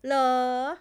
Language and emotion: Thai, frustrated